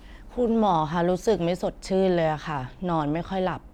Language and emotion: Thai, frustrated